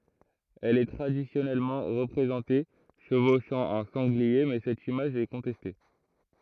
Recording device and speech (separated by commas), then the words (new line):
throat microphone, read sentence
Elle est traditionnellement représentée chevauchant un sanglier mais cette image est contestée.